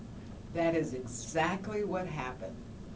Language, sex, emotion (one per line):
English
female
neutral